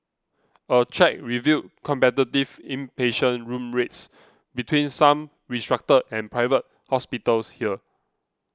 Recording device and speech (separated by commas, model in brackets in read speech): close-talking microphone (WH20), read sentence